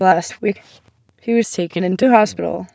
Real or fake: fake